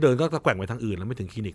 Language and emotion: Thai, neutral